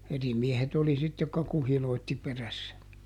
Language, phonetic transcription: Finnish, ˈeri ˈmiehet oli sit jokka ˈkuhilòitti ˈperässä .
- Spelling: eri miehet oli sitten jotka kuhiloitsi perässä

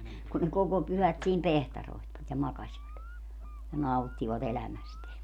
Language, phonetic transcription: Finnish, kun ne 'koko 'pyhät siim "pehtaroi̮htvat ja 'makaśvat , ja "nauttivat 'elämästeä .
- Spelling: kun ne koko pyhät siinä piehtaroivat ja makasivat ja nauttivat elämästään

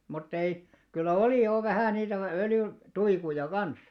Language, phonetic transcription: Finnish, mut't ‿ei , kyllä 'olì 'jò vähä̀ 'niitäv- 'öljy- , "tuikuja 'kan̬s .
- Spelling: mutta ei kyllä oli jo vähän niitä - öljytuikkuja kanssa

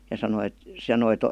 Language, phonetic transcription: Finnish, ja 'sano et , 'se noi(to) ,.
- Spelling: ja sanoi että se noita

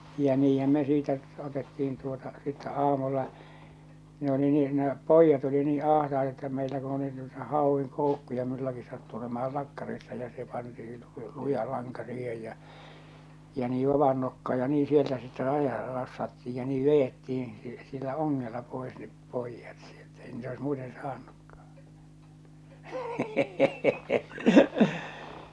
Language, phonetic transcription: Finnish, jä 'niihäm me siitä , 'otetti₍in tuota , sittä 'aamulla , ne oli nyh ne , 'pòijjat oli nii 'àhtaeta että meilä ku oli nuita 'hàovviŋ 'kòukkuja mullaki sattu olema₍al 'lakkarissa ja se panti₍i lu- 'luja laŋka siihej jä͔ , ja nii 'vavan nokkaa ja 'nii 'sieltä sitte 'raja- 'rassattiij ja 'nii 'vejettih̬iḭ , si- sillä 'oŋŋella 'pòes nep 'pòijjat sieltᴀ̈ ei niitä ois 'muuten 'saannukkᴀ₍ᴀ .
- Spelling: ja niinhän me siitä otettiin tuota sitten aamulla ne oli nyt ne pojat oli niin ahtaita että meillä kun oli noita hauen koukkuja minullakin sattui olemaan lakkarissa ja se pantiin - luja lanka siihen ja ja niin vavan nokkaan ja niin sieltä sitten - rassattiin ja niin vedettiin - sillä ongella pois ne pojat sieltä ei niitä olisi muuten saanutkaan

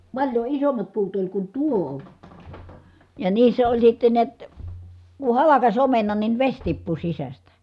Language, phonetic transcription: Finnish, paĺjo isommat puut oĺ kun tuo , ja niissä oĺ sitten niät , ku halakas omenan nin veś tippu sisästä .
- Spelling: paljon isommat puut oli kun tuo ja niissä oli sitten näet kun halkaisi omenan niin vesi tippui sisästä

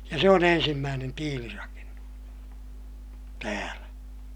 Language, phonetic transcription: Finnish, ja se on ‿ensimmäänen tiilirakennus , täälä .
- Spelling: ja se on ensimmäinen tiilirakennus täällä

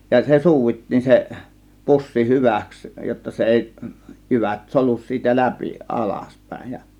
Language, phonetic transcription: Finnish, ja 'se "suuvittiin se , "pussi "hyvä̀ks jotta 'se "èi , 'jyvät "solus siitä "läpi 'ˀalaspä̀ėj ja .
- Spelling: ja se suudittiin se pussi hyväksi jotta se ei jyvät solju siitä läpi alaspäin ja

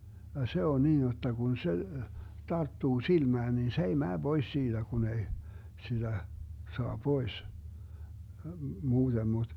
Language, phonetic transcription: Finnish, ja "se on 'niin jotta kun 'se , 'tarttuu 'silmään nin se ei 'mää 'Bois 'siiDä Gun ‿ei , 'siDä , soa 'pois , 'muuDem muD ,.
- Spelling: ja se on niin jotta kun se tarttuu silmään niin se ei mene pois siitä kun ei sitä saa pois muuten mutta

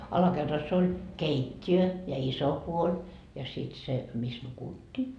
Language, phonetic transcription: Finnish, alakerras ‿oĺ , "keit́t́i₍ö ja 'iso puoĺ , ja sit se , 'mis "nukuttii .
- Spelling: alakerrassa oli keittiö ja iso puoli ja sitten se missä nukuttiin

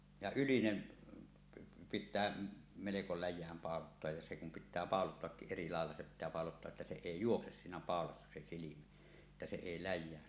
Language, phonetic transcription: Finnish, ja 'ylinen , 'pit̆tää meleko läj̆jääm pàolottoaj ja se kum pit̆tää "pàolottoakkiˀ 'ˀeri 'làella se pit̆tää 'pàolottoaˀ ˀettä 'se "èi "juokses sinä pàolassa se 'silimä , ᵉttä se 'èi 'läj̆jään .
- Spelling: ja ylinen pitää melko läjään pauloittaa ja se kun pitää pauloittaakin eri lailla se pitää pauloittaa että se ei juokse siinä paulassa se silmä että se ei läjään

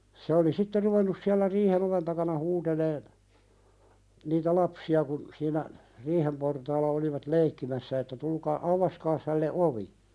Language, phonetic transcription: Finnish, se oli "sitte ruvennus siällä 'riihen ‿oven takana 'huuteleen , niitä "lapsi₍a kun , siinä , 'riihem portaalla olivat "leikkimässä että » tulkaa "’auvaskaas hälle '’ovi « .
- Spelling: se oli sitten ruvennut siellä riihen oven takana huutelemaan niitä lapsia kun siinä riihen portaalla olivat leikkimässä että tulkaa aukaiskaa hänelle ovi

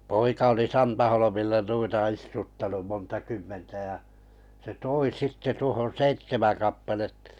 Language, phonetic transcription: Finnish, 'poika oli "Santaholomilla nuita 'istuttanum 'monta 'kymmentä ja , se "toi 'sitte tuohon̬ seittemäŋ kappalettᴀ .
- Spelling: poika oli Santaholmilla noita istuttanut monta kymmentä ja se toi sitten tuohon seitsemän kappaletta

